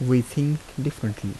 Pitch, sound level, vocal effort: 130 Hz, 77 dB SPL, soft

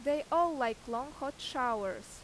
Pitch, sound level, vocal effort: 265 Hz, 89 dB SPL, loud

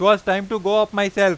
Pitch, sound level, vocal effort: 200 Hz, 99 dB SPL, loud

